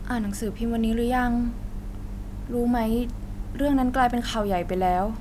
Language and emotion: Thai, neutral